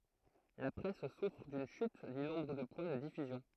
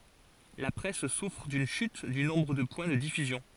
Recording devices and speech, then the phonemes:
throat microphone, forehead accelerometer, read sentence
la pʁɛs sufʁ dyn ʃyt dy nɔ̃bʁ də pwɛ̃ də difyzjɔ̃

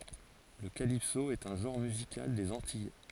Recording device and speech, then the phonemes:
forehead accelerometer, read sentence
lə kalipso ɛt œ̃ ʒɑ̃ʁ myzikal dez ɑ̃tij

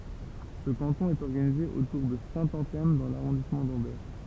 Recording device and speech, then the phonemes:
temple vibration pickup, read sentence
sə kɑ̃tɔ̃ ɛt ɔʁɡanize otuʁ də sɛ̃tɑ̃tɛm dɑ̃ laʁɔ̃dismɑ̃ dɑ̃bɛʁ

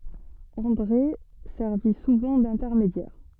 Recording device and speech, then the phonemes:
soft in-ear microphone, read sentence
ɑ̃dʁe sɛʁvi suvɑ̃ dɛ̃tɛʁmedjɛʁ

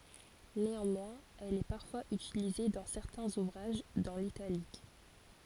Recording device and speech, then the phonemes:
forehead accelerometer, read sentence
neɑ̃mwɛ̃z ɛl ɛ paʁfwaz ytilize dɑ̃ sɛʁtɛ̃z uvʁaʒ dɑ̃ litalik

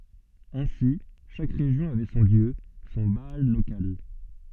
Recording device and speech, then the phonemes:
soft in-ear microphone, read sentence
ɛ̃si ʃak ʁeʒjɔ̃ avɛ sɔ̃ djø sɔ̃ baal lokal

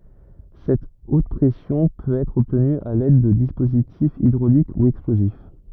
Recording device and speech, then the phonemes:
rigid in-ear microphone, read sentence
sɛt ot pʁɛsjɔ̃ pøt ɛtʁ ɔbtny a lɛd də dispozitifz idʁolik u ɛksplozif

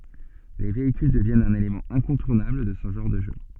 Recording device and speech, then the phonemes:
soft in-ear microphone, read sentence
le veikyl dəvjɛnt œ̃n elemɑ̃ ɛ̃kɔ̃tuʁnabl də sə ʒɑ̃ʁ də ʒø

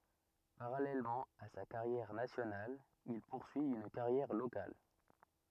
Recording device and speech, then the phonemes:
rigid in-ear microphone, read sentence
paʁalɛlmɑ̃ a sa kaʁjɛʁ nasjonal il puʁsyi yn kaʁjɛʁ lokal

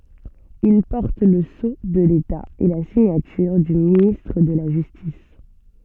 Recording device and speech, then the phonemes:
soft in-ear microphone, read sentence
il pɔʁt lə so də leta e la siɲatyʁ dy ministʁ də la ʒystis

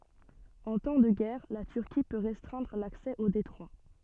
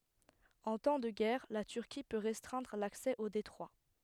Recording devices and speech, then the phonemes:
soft in-ear microphone, headset microphone, read sentence
ɑ̃ tɑ̃ də ɡɛʁ la tyʁki pø ʁɛstʁɛ̃dʁ laksɛ o detʁwa

